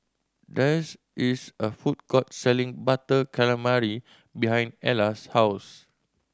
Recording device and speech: standing microphone (AKG C214), read sentence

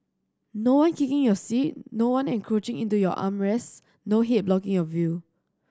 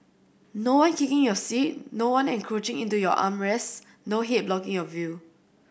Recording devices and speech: standing microphone (AKG C214), boundary microphone (BM630), read sentence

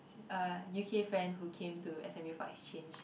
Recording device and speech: boundary microphone, conversation in the same room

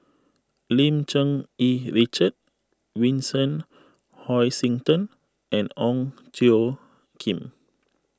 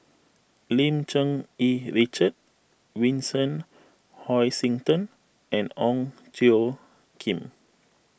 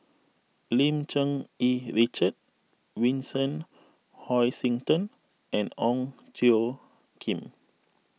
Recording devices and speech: close-talking microphone (WH20), boundary microphone (BM630), mobile phone (iPhone 6), read sentence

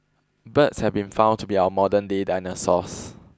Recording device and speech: close-talking microphone (WH20), read sentence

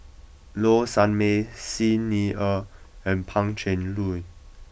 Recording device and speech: boundary microphone (BM630), read sentence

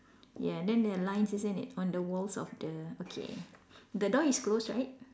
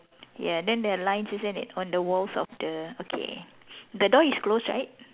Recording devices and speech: standing microphone, telephone, conversation in separate rooms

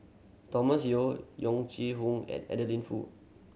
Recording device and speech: mobile phone (Samsung C7100), read sentence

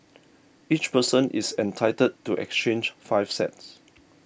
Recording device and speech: boundary microphone (BM630), read sentence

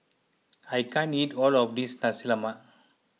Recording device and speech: mobile phone (iPhone 6), read sentence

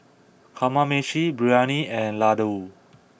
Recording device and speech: boundary microphone (BM630), read sentence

